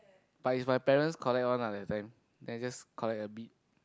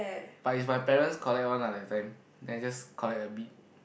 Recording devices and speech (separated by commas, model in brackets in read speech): close-talking microphone, boundary microphone, conversation in the same room